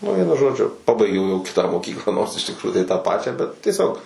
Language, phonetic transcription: Lithuanian, nu ˈvienu ˈžodžiu ˈpabaigiau jau ˈkitą moˈkyklą nors iš tikˈrųjų tai tą ˈpačią bet tieˈsiog

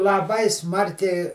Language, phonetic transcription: Lithuanian, laˈbai ˈsmarkiai

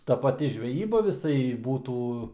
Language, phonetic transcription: Lithuanian, ˈta paˈti žveˈjyba viˈsai ˈbūtų

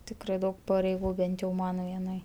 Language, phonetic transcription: Lithuanian, ˈtikrai ˈdaug pareiˈgų ˈbent jau ˈman vieˈnai

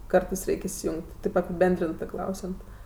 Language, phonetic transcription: Lithuanian, ˈkartɜs ˈreik' isijung't' taip apiˈbendrintɜ ˈklausiant

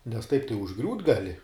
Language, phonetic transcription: Lithuanian, nes taip tai užˈgriūt gaˈli

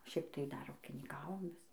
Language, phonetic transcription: Lithuanian, ˈšiaip tai ˈdar ūkinyˈkavom ˈvis

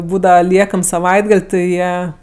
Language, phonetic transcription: Lithuanian, ˈbūdava ˈliekam saˈvaitgal' ti ˈjie

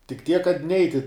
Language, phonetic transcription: Lithuanian, tik tiek kad ˈneiti

